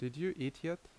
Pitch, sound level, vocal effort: 165 Hz, 79 dB SPL, normal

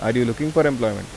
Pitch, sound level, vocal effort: 120 Hz, 86 dB SPL, normal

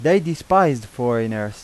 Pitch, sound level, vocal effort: 125 Hz, 91 dB SPL, loud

